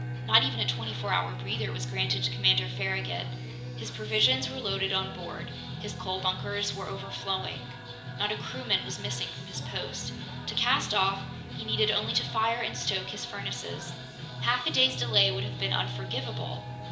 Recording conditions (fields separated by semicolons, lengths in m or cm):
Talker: one person; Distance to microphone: 1.8 m; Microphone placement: close; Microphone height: 1.0 m; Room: large; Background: music